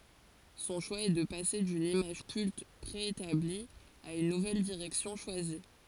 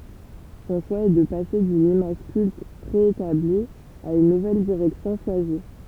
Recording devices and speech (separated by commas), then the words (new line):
forehead accelerometer, temple vibration pickup, read sentence
Son choix est de passer d'une image culte préétablie à une nouvelle direction choisie.